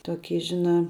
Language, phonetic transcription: Lithuanian, toˈky ˈžiˌnā

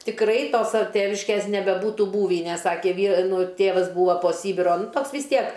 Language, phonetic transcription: Lithuanian, tikˈrai ˈto sa ˈtėviškės nebeˈbūtu ˈbūvį nes ˈsakė ˈvy ˈnu ˈtėvas ˈbūva po ˈsybiro ˈtoks vis ˈtiek

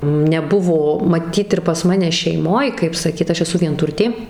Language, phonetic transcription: Lithuanian, neˈbuvo maˈtyt ir pas ˈmane šeiˈmoj kaip saˈkyt ˈaš eˈsu vienˈturtė

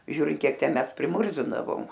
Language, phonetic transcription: Lithuanian, ˈžiūrint ˈkiek ˈten ˈmes priˈmurzindavom

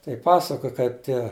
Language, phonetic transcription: Lithuanian, tai ˈpasakoj ˈkaip ˈtie

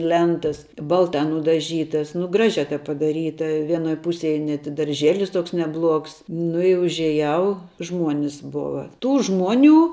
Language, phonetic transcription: Lithuanian, ˈlentas ˈbalta nudaˈžytas nu ˈgražia taip padaˈryta ˈvienoj ˈpusėj net i darˈžėlis ˈtoks neˈbluogs ˈnu i užieˈjau ˈžmuonis ˈbova ˈtų ˈžmuoˌnių

